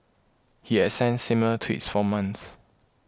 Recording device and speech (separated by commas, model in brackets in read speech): close-talking microphone (WH20), read sentence